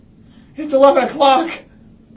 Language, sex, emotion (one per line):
English
male
fearful